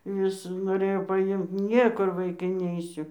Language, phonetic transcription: Lithuanian, ˈvis noˈrėjo paˈimt ˈniekur vaiˈkai ˈneisiu

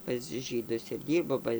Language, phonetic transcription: Lithuanian, pas ˈžydus ir ˈdyrbo ˈba

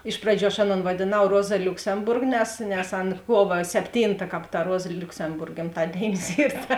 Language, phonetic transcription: Lithuanian, ˈiš praˌdžių aš ˈaˌnon vadėˈnau ˈroza liuksemˈburg nes nes ˈan ˈkuova sepˈtynta ˈkāp ta ˈruoza liuksemˈburg gimˈtadėinis ˈyr ta

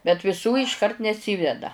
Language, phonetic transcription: Lithuanian, bet viˈsų išˈkart neˈsyveda

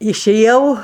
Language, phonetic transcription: Lithuanian, išeˈjau

